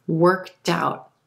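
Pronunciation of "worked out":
In 'worked out', the T sound links over to the front of the word 'out'.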